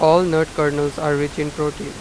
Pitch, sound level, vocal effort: 150 Hz, 93 dB SPL, normal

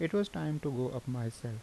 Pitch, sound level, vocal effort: 125 Hz, 79 dB SPL, normal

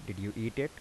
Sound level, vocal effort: 81 dB SPL, soft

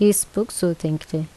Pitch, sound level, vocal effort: 175 Hz, 79 dB SPL, normal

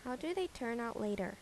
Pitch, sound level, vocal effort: 235 Hz, 80 dB SPL, normal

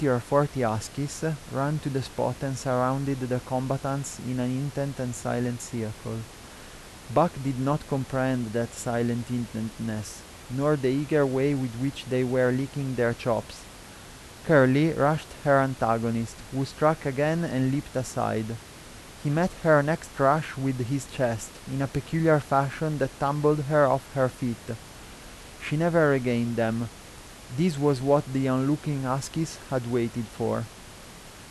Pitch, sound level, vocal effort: 135 Hz, 84 dB SPL, normal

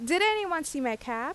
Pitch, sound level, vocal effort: 295 Hz, 90 dB SPL, very loud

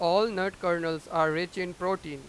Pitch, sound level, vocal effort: 175 Hz, 99 dB SPL, very loud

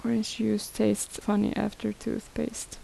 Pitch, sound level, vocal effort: 215 Hz, 73 dB SPL, soft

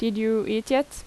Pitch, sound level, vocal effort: 220 Hz, 83 dB SPL, normal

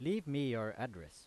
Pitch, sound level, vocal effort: 125 Hz, 90 dB SPL, loud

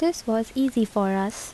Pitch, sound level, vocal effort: 225 Hz, 75 dB SPL, soft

